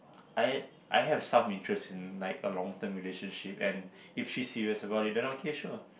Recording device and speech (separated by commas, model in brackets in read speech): boundary microphone, conversation in the same room